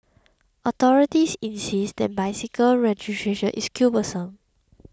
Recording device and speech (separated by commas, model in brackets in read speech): close-talking microphone (WH20), read sentence